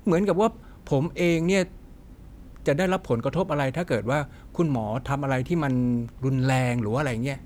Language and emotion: Thai, frustrated